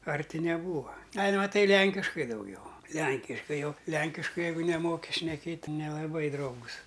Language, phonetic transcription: Lithuanian, ˈarti neˈbūva ˈal' maˈtai ˈlenkiškai dauˈgiau ˈlenkiškai ˈjau ˈlenkiškai ˈjeigu neˈmoki šneˈkėt' ti nelaˈbai ˈdraugus

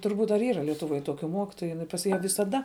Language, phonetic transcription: Lithuanian, turˈbūt ar ˈyra lietuˈvoj ˈtokiu ˈmokitoju jiˈnai pas ˈją visaˈda

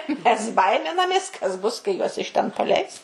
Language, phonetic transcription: Lithuanian, mes ˈbaiminamės kas ˈbus kai ˈjuos iš ˈten paˈleis

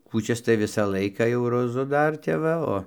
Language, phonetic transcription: Lithuanian, kūˈčias tai ˈvisą ˈlaiką jau roˈzu ˈdar ˈtep va ˈo

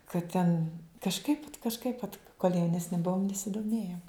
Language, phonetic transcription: Lithuanian, kad ˈten kažˈkaip kažˈkaip vat kol' jaunesˈni ˈbuom nesidoˈmėjom

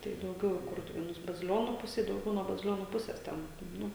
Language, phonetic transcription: Lithuanian, tai dauˈgiau i ˈkurtuvėnus baziˈlionų ˈpusė dauˈgiau nuo baziˈlionų ˈpuses ˈten ˈnu

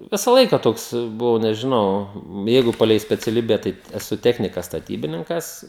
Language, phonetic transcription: Lithuanian, ˈvisa ˈlaika ˈtoks buˈvau nežiˈnau ˈjeigu ˈpalei speciaˈlybe ˈtai eˈsu ˈtechnikas staˈtybininkas

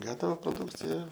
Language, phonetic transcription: Lithuanian, ˈgatava proˈdūkcija

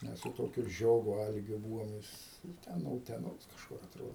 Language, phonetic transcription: Lithuanian, ˈmes su ˈtokiu ˈžiogu ˈalgiu ˈbūvom ˈjis ˈten no uteˈnos kažˈkur aˈtrodo

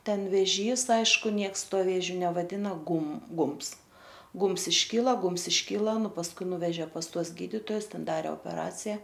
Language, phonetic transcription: Lithuanian, ˈten veˈžys ˈaišku ˈnieks ˈtuo ˈvėžiu nevaˈdina ˈgum ˈgumbs ˈgumbs išˈkyla ˈgumbs išˈkyla ˈnu pasˈkui ˈnuveže pas ˈtuos ˈgyditojus ˈten ˈdare opeˈracija

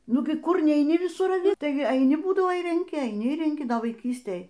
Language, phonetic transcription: Lithuanian, ˈnugi ˈkur neiˈni viˈsur aˈvi ˈtai aiˈni ˈbūdavo ir renˈki aiˈni ir renˈki vaiˈkystėj

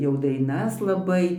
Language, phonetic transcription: Lithuanian, jau daiˈnas laˈbai

